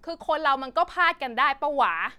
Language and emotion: Thai, frustrated